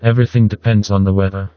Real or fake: fake